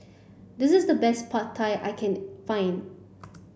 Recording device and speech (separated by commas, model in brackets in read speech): boundary microphone (BM630), read sentence